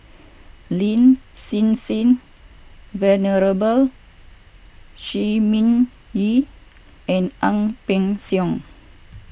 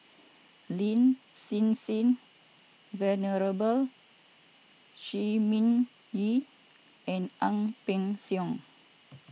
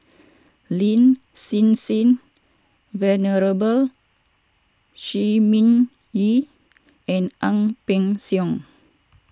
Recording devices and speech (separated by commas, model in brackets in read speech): boundary microphone (BM630), mobile phone (iPhone 6), standing microphone (AKG C214), read sentence